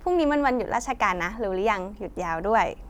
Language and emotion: Thai, happy